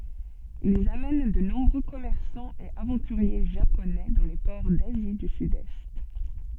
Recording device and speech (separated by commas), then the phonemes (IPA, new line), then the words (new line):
soft in-ear microphone, read sentence
ilz amɛn də nɔ̃bʁø kɔmɛʁsɑ̃z e avɑ̃tyʁje ʒaponɛ dɑ̃ le pɔʁ dazi dy sydɛst
Ils amènent de nombreux commerçants et aventuriers Japonais dans les ports d'Asie du Sud-Est.